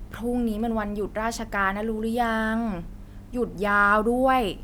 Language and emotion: Thai, frustrated